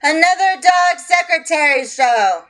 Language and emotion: English, neutral